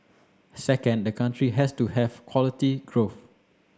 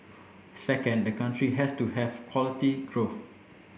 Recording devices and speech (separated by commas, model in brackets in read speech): standing microphone (AKG C214), boundary microphone (BM630), read sentence